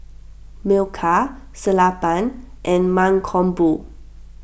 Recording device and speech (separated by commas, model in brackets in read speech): boundary microphone (BM630), read sentence